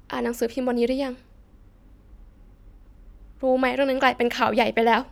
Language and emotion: Thai, sad